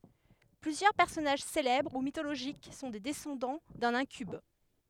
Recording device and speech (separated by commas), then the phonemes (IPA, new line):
headset microphone, read sentence
plyzjœʁ pɛʁsɔnaʒ selɛbʁ u mitoloʒik sɔ̃ de dɛsɑ̃dɑ̃ dœ̃n ɛ̃kyb